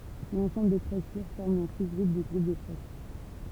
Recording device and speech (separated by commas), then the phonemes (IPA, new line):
temple vibration pickup, read sentence
lɑ̃sɑ̃bl de tʁɛs pyʁ fɔʁm œ̃ suzɡʁup dy ɡʁup də tʁɛs